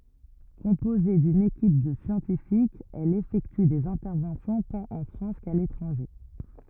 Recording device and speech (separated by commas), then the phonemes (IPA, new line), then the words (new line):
rigid in-ear microphone, read sentence
kɔ̃poze dyn ekip də sjɑ̃tifikz ɛl efɛkty dez ɛ̃tɛʁvɑ̃sjɔ̃ tɑ̃t ɑ̃ fʁɑ̃s ka letʁɑ̃ʒe
Composée d'une équipe de scientifiques, elle effectue des interventions tant en France qu'à l'étranger.